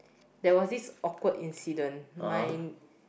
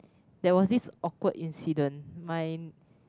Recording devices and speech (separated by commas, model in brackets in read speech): boundary microphone, close-talking microphone, conversation in the same room